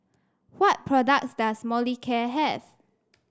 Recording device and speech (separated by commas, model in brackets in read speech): standing microphone (AKG C214), read sentence